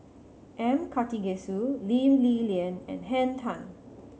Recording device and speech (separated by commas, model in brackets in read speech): mobile phone (Samsung C7100), read sentence